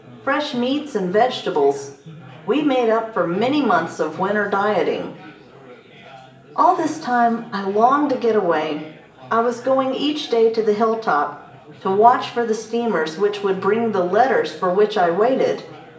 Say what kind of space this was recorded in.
A large space.